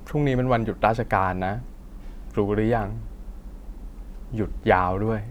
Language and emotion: Thai, neutral